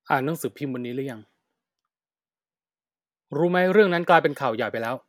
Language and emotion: Thai, frustrated